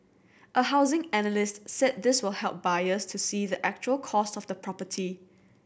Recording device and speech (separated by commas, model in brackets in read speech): boundary microphone (BM630), read sentence